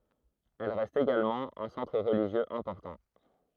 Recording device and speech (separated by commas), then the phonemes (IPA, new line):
throat microphone, read sentence
ɛl ʁɛst eɡalmɑ̃ œ̃ sɑ̃tʁ ʁəliʒjøz ɛ̃pɔʁtɑ̃